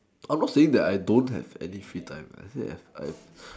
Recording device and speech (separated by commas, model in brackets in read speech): standing microphone, conversation in separate rooms